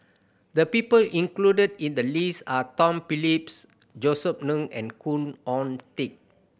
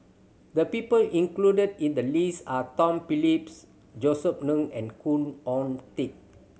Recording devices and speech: boundary microphone (BM630), mobile phone (Samsung C7100), read sentence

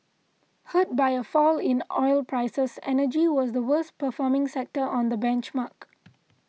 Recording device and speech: mobile phone (iPhone 6), read sentence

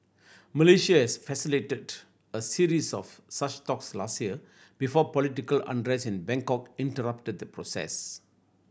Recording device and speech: boundary microphone (BM630), read sentence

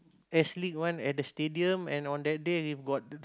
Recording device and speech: close-talking microphone, conversation in the same room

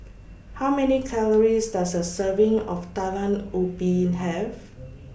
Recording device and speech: boundary microphone (BM630), read sentence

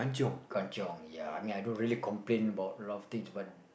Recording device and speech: boundary microphone, conversation in the same room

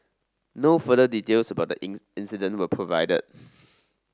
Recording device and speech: standing microphone (AKG C214), read sentence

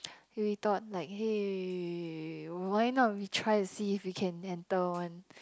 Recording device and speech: close-talking microphone, conversation in the same room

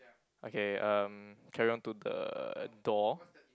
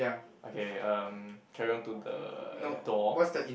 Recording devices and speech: close-talking microphone, boundary microphone, conversation in the same room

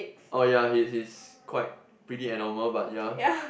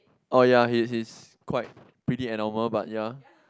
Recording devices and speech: boundary microphone, close-talking microphone, conversation in the same room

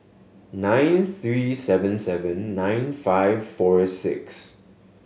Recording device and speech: mobile phone (Samsung S8), read sentence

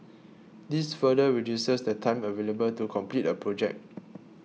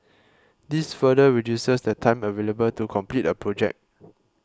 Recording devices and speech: mobile phone (iPhone 6), close-talking microphone (WH20), read sentence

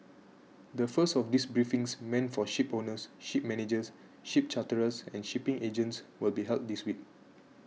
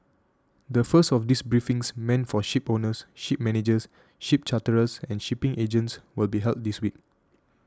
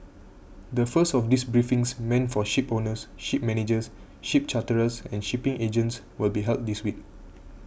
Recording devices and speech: mobile phone (iPhone 6), standing microphone (AKG C214), boundary microphone (BM630), read sentence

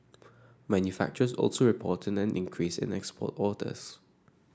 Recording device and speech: standing microphone (AKG C214), read sentence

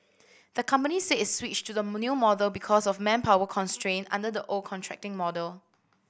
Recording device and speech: boundary microphone (BM630), read sentence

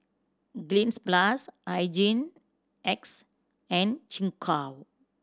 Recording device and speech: standing microphone (AKG C214), read sentence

